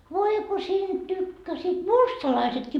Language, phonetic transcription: Finnish, 'voi ko 'siinD tykkäsiit "mustalaisetkii .
- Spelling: voi kun siitä tykkäsivät mustalaisetkin

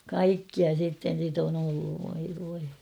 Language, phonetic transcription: Finnish, kaikkia sitten̬ sit ‿on ‿olluv voi voi .
- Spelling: kaikkia sitten sitä on ollut voi voi

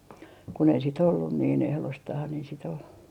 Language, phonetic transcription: Finnish, kun ‿ei sit ollun niin ehlostah ni sit ‿ol ,.
- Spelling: kun ei sitten ollut niin ehdostaan sitä oli

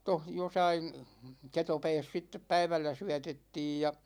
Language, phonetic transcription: Finnish, 'toh josain , 'ketopɛɛs sittep "päivällä 'syätettiij ja .
- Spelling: tuossa jossakin ketopäässä sitten päivällä syötettiin ja

